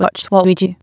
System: TTS, waveform concatenation